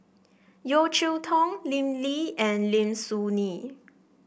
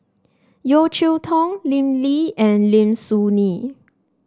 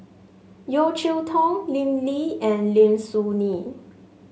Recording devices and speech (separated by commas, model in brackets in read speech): boundary microphone (BM630), standing microphone (AKG C214), mobile phone (Samsung S8), read sentence